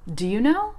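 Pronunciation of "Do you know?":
In 'Do you know?', 'do' is not said in full but is reduced to just a d sound.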